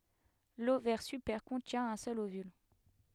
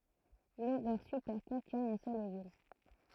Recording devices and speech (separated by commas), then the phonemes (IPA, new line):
headset microphone, throat microphone, read sentence
lovɛʁ sypɛʁ kɔ̃tjɛ̃ œ̃ sœl ovyl